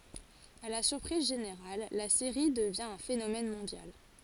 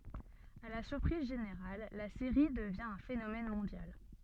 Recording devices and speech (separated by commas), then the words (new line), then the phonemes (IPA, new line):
forehead accelerometer, soft in-ear microphone, read sentence
À la surprise générale, la série devient un phénomène mondial.
a la syʁpʁiz ʒeneʁal la seʁi dəvjɛ̃ œ̃ fenomɛn mɔ̃djal